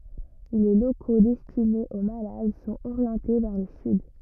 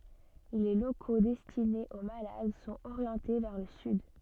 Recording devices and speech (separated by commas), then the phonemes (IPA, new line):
rigid in-ear microphone, soft in-ear microphone, read sentence
le loko dɛstinez o malad sɔ̃t oʁjɑ̃te vɛʁ lə syd